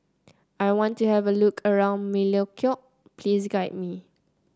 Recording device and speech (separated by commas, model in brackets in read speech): close-talking microphone (WH30), read sentence